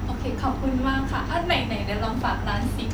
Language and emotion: Thai, happy